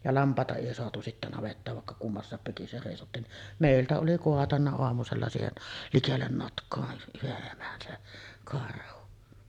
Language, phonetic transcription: Finnish, ja 'lamp̀àeta 'èi soatu sittä navettaav vàekka 'kummassàep sèisottiin ni’ , "mèiltä oli 'koatanna oamusella 'siihen , "likellen 'notk̀oa yheˀ 'ˀemän se 'karhu .
- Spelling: ja lampaita ei saatu sitten navettaan vaikka kummassakin seisottiin niin meiltä oli kaatanut aamusella siihen likelle notkoa yhden emän se karhu

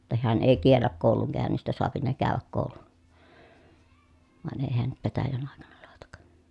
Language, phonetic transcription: Finnish, [jot]ta heän èi kielläk kòuluŋ kä̀önnistä soapi ne kä̀öväk kòulun , vàen èi heän nyt petäjän àekana làetak .
- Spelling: jotta hän ei kiellä koulun käynnistä saa ne käydä koulun vain ei hän nyt petäjän aikana laita

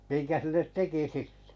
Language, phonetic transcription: Finnish, miŋkä 'sillet "teki 'sittᴇ .
- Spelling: minkä sille teki sitten

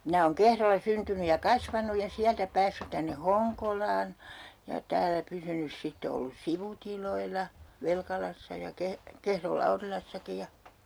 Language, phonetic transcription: Finnish, minä ooŋ 'Kehrolla 'syntyny ja "kasvanuj ja 'siältä 'päässyt tänne "Hoŋkolaan ja 'täällä 'pysynys 'sitte ollus "sivutiloilla , 'Velkalassa ja 'Keh- , 'Kehrol "Laurilassaki ja ,.
- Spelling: minä olen Kehrolla syntynyt ja kasvanut ja sieltä päässyt tänne Honkolaan ja täällä pysynyt sitten ollut sivutiloilla Velkalassa ja - Kehron Laurilassakin ja

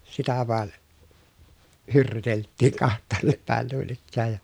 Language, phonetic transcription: Finnish, sitä vàe , hyrrytelttiiŋ kaht̆taannep pä̀en nuin ‿ikkääj ja .
- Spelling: sitä vain hyrryyteltiin kahtaanne päin noin ikään ja

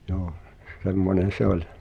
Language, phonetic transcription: Finnish, joo , 'semmonen̬ "se ‿oĺ .
- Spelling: joo semmoinen se oli

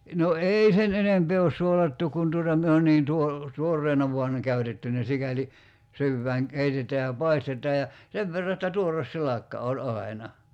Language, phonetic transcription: Finnish, no "eei 'sen enempee os 'suolattu kun tuota 'myö on niin 'tuo- , "tuorreena vuan (ne) 'käytetty ne 'sikäli , 'syyvvääŋ 'keitet̀ää ja "paistet̀aa ja , 'sev verra että "tuores 'silakka oĺ 'ai̬na .
- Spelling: no ei sen enempää ole suolattu kun tuota me on niin - tuoreena vain ne käytetty ne sikäli syödään keitetään ja paistetaan ja sen verran että tuore silakka oli aina

